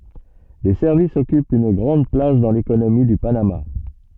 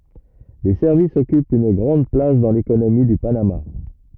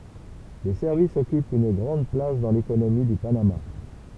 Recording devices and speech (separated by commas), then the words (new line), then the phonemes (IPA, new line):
soft in-ear microphone, rigid in-ear microphone, temple vibration pickup, read sentence
Les services occupent une grande place dans l’économie du Panama.
le sɛʁvisz ɔkypt yn ɡʁɑ̃d plas dɑ̃ lekonomi dy panama